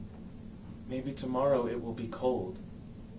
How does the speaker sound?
neutral